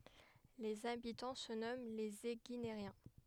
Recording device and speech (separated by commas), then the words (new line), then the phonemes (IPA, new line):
headset microphone, read sentence
Les habitants se nomment les Éguinériens.
lez abitɑ̃ sə nɔmɑ̃ lez eɡineʁjɛ̃